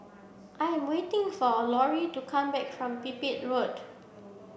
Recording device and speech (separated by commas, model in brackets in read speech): boundary microphone (BM630), read sentence